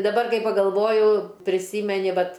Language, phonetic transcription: Lithuanian, daˈbar ˈkai pagalˈvoju priˈsymeni ˈvat

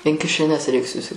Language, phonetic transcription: Lithuanian, in kišeˈnes reik susi

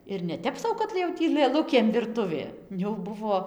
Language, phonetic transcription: Lithuanian, ir neˈtep sau kad jau ˈtį lɘˈlukėm virˈtuvė jau ˈbuvo

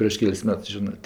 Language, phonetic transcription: Lithuanian, prieš ˈkels ˈmets ˈžinɜ

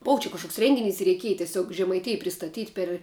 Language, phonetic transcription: Lithuanian, ˈbova čia kažˈkoks ˈrengiˌnis i reiˈkiej teˈsiog žemaiˈtij pristaˈtyt' per

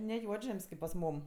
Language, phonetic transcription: Lithuanian, ne ˈjuodžem's' kėp pas ˈmūm

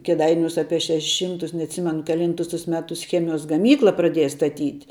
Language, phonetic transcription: Lithuanian, keˈdainiūs ˈapie ˈšešeˈšymtus neatˈsimenu keˈlyntus tus ˈmetus ˈchemijos gaˈmykla praˈdėja staˈtyt'

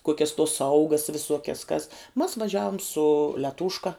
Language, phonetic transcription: Lithuanian, ˈkokias tos ˈsaugas viˈsuokias kas mas vaˈžiavom su liaˈtūška

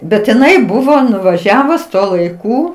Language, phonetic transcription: Lithuanian, bet iˈnai ˈbuvo nuvaˈžiavus ˈtuo laiˈkū

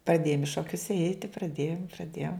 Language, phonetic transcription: Lithuanian, praˈdėjom i šoˈkius ˈeiti praˈdėjom praˈdėjom

